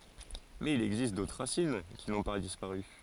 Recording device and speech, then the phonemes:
forehead accelerometer, read sentence
mɛz il ɛɡzist dotʁ ʁasin ki nɔ̃ pa dispaʁy

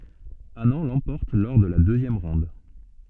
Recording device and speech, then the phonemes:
soft in-ear microphone, read sentence
anɑ̃ lɑ̃pɔʁt lɔʁ də la døzjɛm ʁɔ̃d

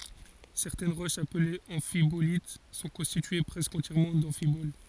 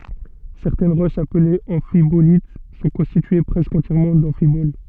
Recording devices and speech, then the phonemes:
forehead accelerometer, soft in-ear microphone, read sentence
sɛʁtɛn ʁoʃz aplez ɑ̃fibolit sɔ̃ kɔ̃stitye pʁɛskə ɑ̃tjɛʁmɑ̃ dɑ̃fibol

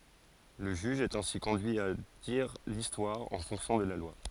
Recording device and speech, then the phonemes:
forehead accelerometer, read sentence
lə ʒyʒ ɛt ɛ̃si kɔ̃dyi a diʁ listwaʁ ɑ̃ fɔ̃ksjɔ̃ də la lwa

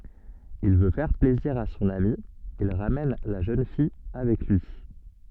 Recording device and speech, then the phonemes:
soft in-ear microphone, read sentence
il vø fɛʁ plɛziʁ a sɔ̃n ami il ʁamɛn la ʒøn fij avɛk lyi

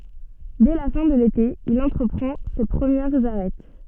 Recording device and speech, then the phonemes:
soft in-ear microphone, read sentence
dɛ la fɛ̃ də lete il ɑ̃tʁəpʁɑ̃ se pʁəmjɛʁz aʁɛt

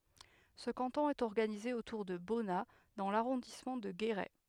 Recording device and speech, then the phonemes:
headset microphone, read sentence
sə kɑ̃tɔ̃ ɛt ɔʁɡanize otuʁ də bɔna dɑ̃ laʁɔ̃dismɑ̃ də ɡeʁɛ

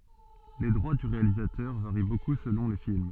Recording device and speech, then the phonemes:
soft in-ear microphone, read sentence
le dʁwa dy ʁealizatœʁ vaʁi boku səlɔ̃ le film

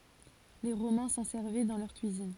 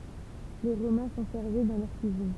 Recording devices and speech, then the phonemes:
forehead accelerometer, temple vibration pickup, read sentence
le ʁomɛ̃ sɑ̃ sɛʁvɛ dɑ̃ lœʁ kyizin

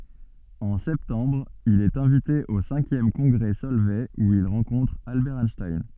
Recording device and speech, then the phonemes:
soft in-ear microphone, read sentence
ɑ̃ sɛptɑ̃bʁ il ɛt ɛ̃vite o sɛ̃kjɛm kɔ̃ɡʁɛ sɔlvɛ u il ʁɑ̃kɔ̃tʁ albɛʁ ɛnʃtajn

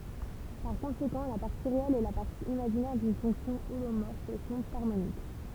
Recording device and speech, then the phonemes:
temple vibration pickup, read sentence
paʁ kɔ̃sekɑ̃ la paʁti ʁeɛl e la paʁti imaʒinɛʁ dyn fɔ̃ksjɔ̃ olomɔʁf sɔ̃t aʁmonik

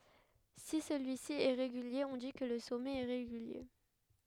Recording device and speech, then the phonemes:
headset microphone, read sentence
si səlyi si ɛ ʁeɡylje ɔ̃ di kə lə sɔmɛt ɛ ʁeɡylje

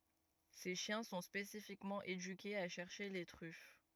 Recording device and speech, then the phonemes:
rigid in-ear microphone, read sentence
se ʃjɛ̃ sɔ̃ spesifikmɑ̃ edykez a ʃɛʁʃe le tʁyf

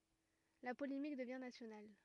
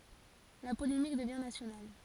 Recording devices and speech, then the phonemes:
rigid in-ear microphone, forehead accelerometer, read sentence
la polemik dəvjɛ̃ nasjonal

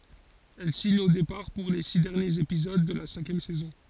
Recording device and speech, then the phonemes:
forehead accelerometer, read sentence
ɛl siɲ o depaʁ puʁ le si dɛʁnjez epizod də la sɛ̃kjɛm sɛzɔ̃

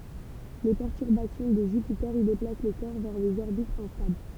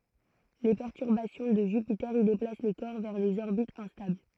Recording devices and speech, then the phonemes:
temple vibration pickup, throat microphone, read sentence
le pɛʁtyʁbasjɔ̃ də ʒypite i deplas le kɔʁ vɛʁ dez ɔʁbitz ɛ̃stabl

